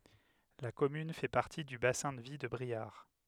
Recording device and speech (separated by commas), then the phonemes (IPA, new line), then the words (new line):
headset microphone, read sentence
la kɔmyn fɛ paʁti dy basɛ̃ də vi də bʁiaʁ
La commune fait partie du bassin de vie de Briare.